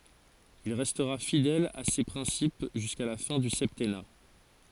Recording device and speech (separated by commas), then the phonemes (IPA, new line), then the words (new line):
forehead accelerometer, read sentence
il ʁɛstʁa fidɛl a se pʁɛ̃sip ʒyska la fɛ̃ dy sɛptɛna
Il restera fidèle à ces principes jusqu'à la fin du septennat.